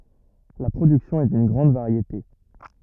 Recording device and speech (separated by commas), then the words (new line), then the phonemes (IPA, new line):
rigid in-ear microphone, read sentence
La production est d'une grande variété.
la pʁodyksjɔ̃ ɛ dyn ɡʁɑ̃d vaʁjete